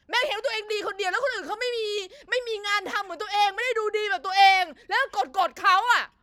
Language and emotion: Thai, angry